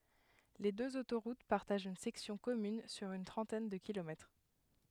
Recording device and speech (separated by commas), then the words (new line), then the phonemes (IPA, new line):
headset microphone, read sentence
Les deux autoroutes partagent une section commune sur une trentaine de kilomètres.
le døz otoʁut paʁtaʒt yn sɛksjɔ̃ kɔmyn syʁ yn tʁɑ̃tɛn də kilomɛtʁ